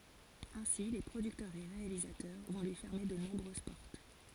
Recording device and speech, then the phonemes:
forehead accelerometer, read sentence
ɛ̃si le pʁodyktœʁz e ʁealizatœʁ vɔ̃ lyi fɛʁme də nɔ̃bʁøz pɔʁt

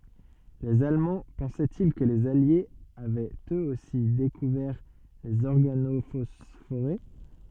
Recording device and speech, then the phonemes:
soft in-ear microphone, read sentence
lez almɑ̃ pɑ̃sɛti kə lez aljez avɛt øz osi dekuvɛʁ lez ɔʁɡanofɔsfoʁe

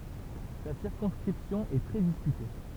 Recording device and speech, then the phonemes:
temple vibration pickup, read sentence
sa siʁkɔ̃skʁipsjɔ̃ ɛ tʁɛ diskyte

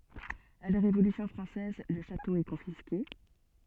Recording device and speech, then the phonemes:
soft in-ear microphone, read sentence
a la ʁevolysjɔ̃ fʁɑ̃sɛz lə ʃato ɛ kɔ̃fiske

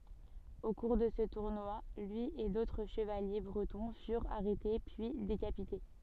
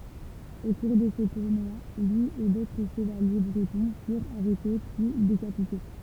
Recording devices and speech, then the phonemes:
soft in-ear microphone, temple vibration pickup, read sentence
o kuʁ də sə tuʁnwa lyi e dotʁ ʃəvalje bʁətɔ̃ fyʁt aʁɛte pyi dekapite

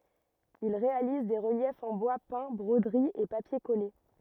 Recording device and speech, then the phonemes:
rigid in-ear microphone, read sentence
il ʁealiz de ʁəljɛfz ɑ̃ bwa pɛ̃ bʁodəʁiz e papje kɔle

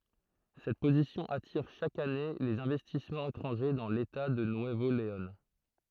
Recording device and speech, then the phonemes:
throat microphone, read sentence
sɛt pozisjɔ̃ atiʁ ʃak ane lez ɛ̃vɛstismɑ̃z etʁɑ̃ʒe dɑ̃ leta də nyəvo leɔ̃

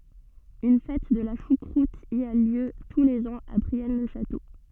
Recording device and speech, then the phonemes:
soft in-ear microphone, read sentence
yn fɛt də la ʃukʁut i a ljø tu lez ɑ̃z a bʁiɛn lə ʃato

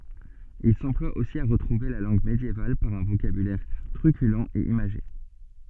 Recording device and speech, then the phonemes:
soft in-ear microphone, read sentence
il sɑ̃plwa osi a ʁətʁuve la lɑ̃ɡ medjeval paʁ œ̃ vokabylɛʁ tʁykylɑ̃ e imaʒe

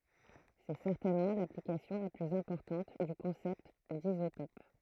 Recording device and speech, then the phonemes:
throat microphone, read sentence
sɛ sɛʁtɛnmɑ̃ laplikasjɔ̃ la plyz ɛ̃pɔʁtɑ̃t dy kɔ̃sɛpt dizotɔp

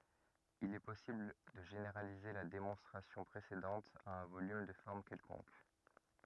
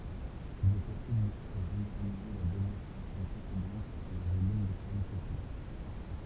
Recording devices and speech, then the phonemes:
rigid in-ear microphone, temple vibration pickup, read sentence
il ɛ pɔsibl də ʒeneʁalize la demɔ̃stʁasjɔ̃ pʁesedɑ̃t a œ̃ volym də fɔʁm kɛlkɔ̃k

